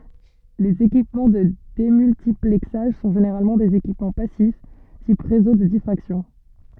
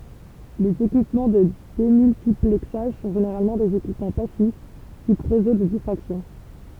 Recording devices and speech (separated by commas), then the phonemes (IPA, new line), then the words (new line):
soft in-ear microphone, temple vibration pickup, read sentence
lez ekipmɑ̃ də demyltiplɛksaʒ sɔ̃ ʒeneʁalmɑ̃ dez ekipmɑ̃ pasif tip ʁezo də difʁaksjɔ̃
Les équipements de démultiplexage sont généralement des équipements passifs, type réseaux de diffraction.